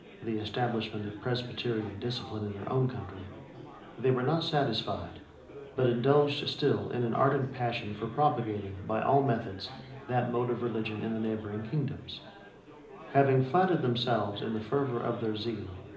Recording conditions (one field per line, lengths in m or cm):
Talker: one person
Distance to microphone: 2.0 m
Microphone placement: close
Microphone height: 99 cm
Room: medium-sized (5.7 m by 4.0 m)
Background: babble